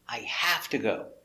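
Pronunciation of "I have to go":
In 'I have to go', 'have' is stressed and its a is an open ah sound. It is said as something serious.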